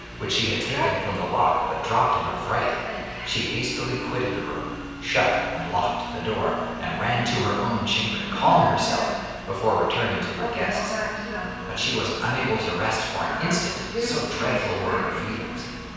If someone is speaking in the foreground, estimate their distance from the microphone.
7.1 m.